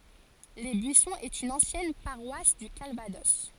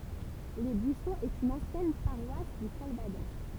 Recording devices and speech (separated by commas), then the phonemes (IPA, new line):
forehead accelerometer, temple vibration pickup, read sentence
le byisɔ̃z ɛt yn ɑ̃sjɛn paʁwas dy kalvadɔs